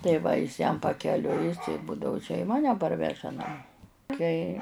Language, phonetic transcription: Lithuanian, tai ˈva jis jam pakeˈliui ˈbudavu čia i ˈmane ˈparveža naˈmo ˈtai

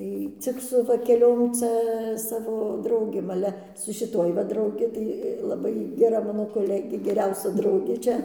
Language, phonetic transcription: Lithuanian, ˈtai ˈcik su va keˈliom ˈcia ˈsavo ˈdraugėm aˈle su šiˈtuoj va drauˈgi tai laˈbai geˈra ˈmano koˈlegė geˈriausia ˈdraugė ˈčia

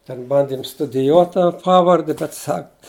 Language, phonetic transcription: Lithuanian, ten ˈbandim studiˈjuot ta ˈpavardi bet ˈsak

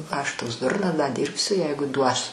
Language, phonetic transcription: Lithuanian, aš ˈtoks ˈdurnas da ˈdyrbsiu ˈjeigu duos

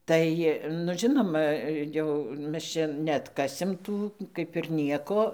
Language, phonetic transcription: Lithuanian, ˈtai nu ˈžinoma jau ˈmes čia neatˈkasim ˈtų ˈkaip ir ˈnieko

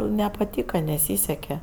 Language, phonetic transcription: Lithuanian, nepaˈtyka neˈsyseke

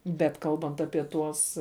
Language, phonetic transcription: Lithuanian, bet ˈkalbant apie ˈtuos

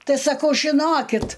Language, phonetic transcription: Lithuanian, ˈtai saˈkau žiˈnokit

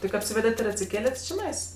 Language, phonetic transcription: Lithuanian, tik apˈsyvedet' ir atsiˈkėlet' čiˈnais

